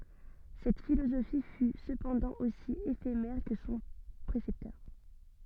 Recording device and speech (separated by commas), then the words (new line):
soft in-ear microphone, read sentence
Cette philosophie fut cependant aussi éphémère que son précepteur.